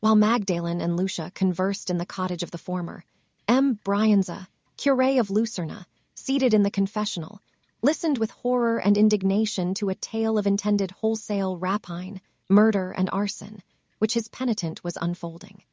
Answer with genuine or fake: fake